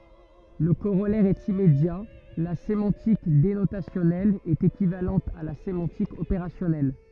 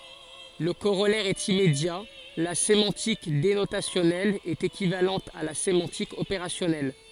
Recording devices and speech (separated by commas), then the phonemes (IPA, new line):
rigid in-ear microphone, forehead accelerometer, read sentence
lə koʁɔlɛʁ ɛt immedja la semɑ̃tik denotasjɔnɛl ɛt ekivalɑ̃t a la semɑ̃tik opeʁasjɔnɛl